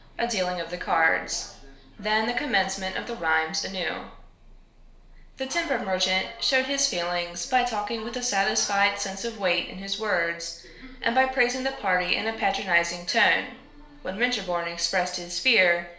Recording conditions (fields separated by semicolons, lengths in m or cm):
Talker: one person; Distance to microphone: 1.0 m; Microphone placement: close; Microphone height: 1.1 m; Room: small (3.7 m by 2.7 m); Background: television